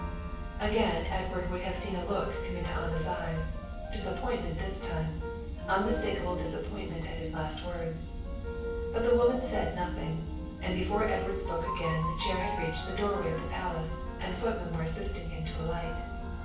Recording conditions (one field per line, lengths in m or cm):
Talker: one person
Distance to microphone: 9.8 m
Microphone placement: far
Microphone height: 1.8 m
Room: large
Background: music